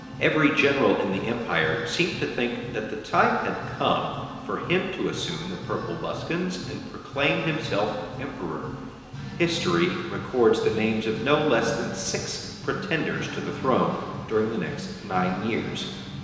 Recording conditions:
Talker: one person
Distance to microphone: 1.7 m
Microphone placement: close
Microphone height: 1.0 m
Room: very reverberant, large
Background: music

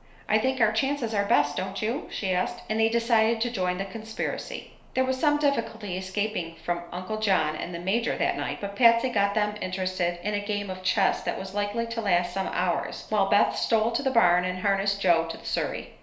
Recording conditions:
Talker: one person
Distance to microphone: 1.0 m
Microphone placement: close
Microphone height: 1.1 m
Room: small (3.7 m by 2.7 m)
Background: none

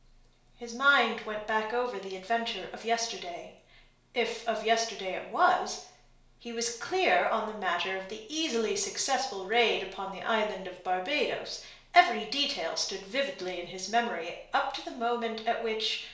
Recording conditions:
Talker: one person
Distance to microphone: 1.0 m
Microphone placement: close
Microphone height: 1.1 m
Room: small (3.7 m by 2.7 m)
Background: none

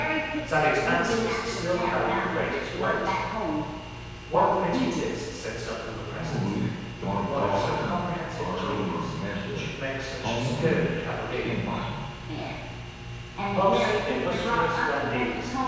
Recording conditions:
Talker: one person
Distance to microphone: 7.1 m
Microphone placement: far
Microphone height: 1.7 m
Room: very reverberant, large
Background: television

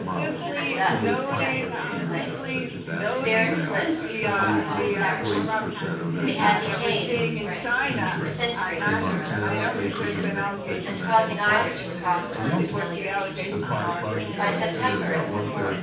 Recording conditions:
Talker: one person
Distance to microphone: 9.8 m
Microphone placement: far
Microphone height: 1.8 m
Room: large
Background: babble

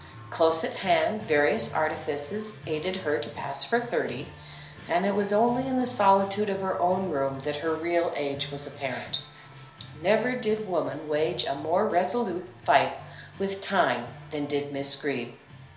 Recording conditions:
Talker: one person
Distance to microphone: 1.0 m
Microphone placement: close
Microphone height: 1.1 m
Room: small (3.7 m by 2.7 m)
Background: music

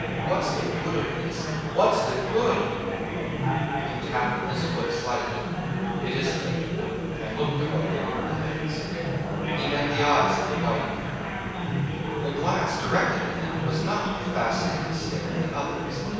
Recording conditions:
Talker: one person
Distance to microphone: 7.1 m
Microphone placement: far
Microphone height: 1.7 m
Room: very reverberant, large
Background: babble

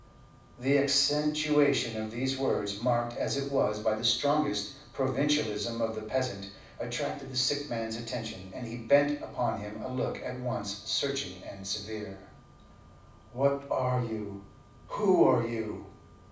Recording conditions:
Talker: one person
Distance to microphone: 5.8 m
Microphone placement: far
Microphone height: 1.8 m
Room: medium-sized (5.7 m by 4.0 m)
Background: none

